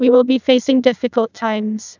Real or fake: fake